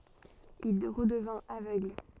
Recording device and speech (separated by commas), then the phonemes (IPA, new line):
soft in-ear microphone, read sentence
il ʁədəvɛ̃t avøɡl